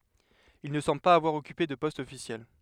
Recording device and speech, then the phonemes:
headset microphone, read sentence
il nə sɑ̃bl paz avwaʁ ɔkype də pɔst ɔfisjɛl

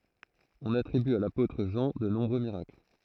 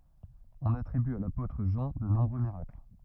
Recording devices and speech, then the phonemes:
throat microphone, rigid in-ear microphone, read sentence
ɔ̃n atʁiby a lapotʁ ʒɑ̃ də nɔ̃bʁø miʁakl

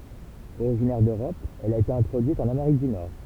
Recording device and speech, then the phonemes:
temple vibration pickup, read sentence
oʁiʒinɛʁ døʁɔp ɛl a ete ɛ̃tʁodyit ɑ̃n ameʁik dy nɔʁ

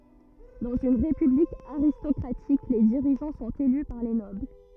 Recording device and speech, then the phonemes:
rigid in-ear microphone, read sentence
dɑ̃z yn ʁepyblik aʁistɔkʁatik le diʁiʒɑ̃ sɔ̃t ely paʁ le nɔbl

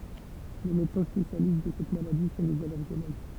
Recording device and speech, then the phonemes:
temple vibration pickup, read sentence
le medəsɛ̃ spesjalist də sɛt maladi sɔ̃ lez alɛʁɡoloɡ

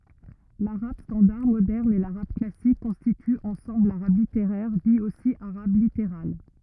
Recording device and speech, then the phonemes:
rigid in-ear microphone, read sentence
laʁab stɑ̃daʁ modɛʁn e laʁab klasik kɔ̃stityt ɑ̃sɑ̃bl laʁab liteʁɛʁ di osi aʁab liteʁal

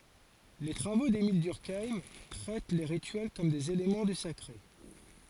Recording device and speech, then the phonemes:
forehead accelerometer, read sentence
le tʁavo demil dyʁkajm tʁɛt le ʁityɛl kɔm dez elemɑ̃ dy sakʁe

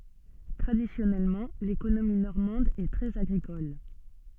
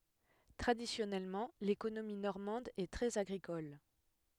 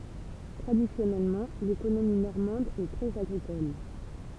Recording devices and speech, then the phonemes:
soft in-ear microphone, headset microphone, temple vibration pickup, read sentence
tʁadisjɔnɛlmɑ̃ lekonomi nɔʁmɑ̃d ɛ tʁɛz aɡʁikɔl

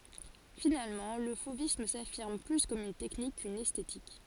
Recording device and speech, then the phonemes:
forehead accelerometer, read sentence
finalmɑ̃ lə fovism safiʁm ply kɔm yn tɛknik kyn ɛstetik

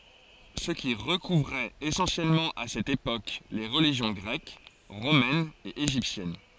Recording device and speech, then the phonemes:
forehead accelerometer, read sentence
sə ki ʁəkuvʁɛt esɑ̃sjɛlmɑ̃ a sɛt epok le ʁəliʒjɔ̃ ɡʁɛk ʁomɛn e eʒiptjɛn

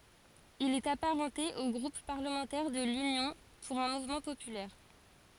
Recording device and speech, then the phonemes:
forehead accelerometer, read sentence
il ɛt apaʁɑ̃te o ɡʁup paʁləmɑ̃tɛʁ də lynjɔ̃ puʁ œ̃ muvmɑ̃ popylɛʁ

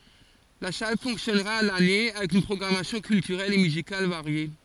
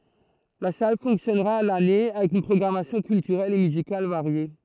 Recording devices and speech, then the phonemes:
forehead accelerometer, throat microphone, read sentence
la sal fɔ̃ksjɔnʁa a lane avɛk yn pʁɔɡʁamasjɔ̃ kyltyʁɛl e myzikal vaʁje

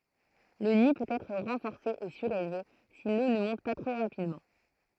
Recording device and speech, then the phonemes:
throat microphone, read sentence
lə ni pøt ɛtʁ ʁɑ̃fɔʁse e syʁelve si lo nə mɔ̃t pa tʁo ʁapidmɑ̃

